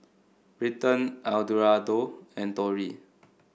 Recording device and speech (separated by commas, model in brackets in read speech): boundary microphone (BM630), read sentence